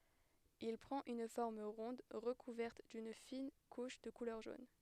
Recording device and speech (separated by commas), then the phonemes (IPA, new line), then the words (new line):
headset microphone, read sentence
il pʁɑ̃t yn fɔʁm ʁɔ̃d ʁəkuvɛʁt dyn fin kuʃ də kulœʁ ʒon
Il prend une forme ronde recouverte d'une fine couche de couleur jaune.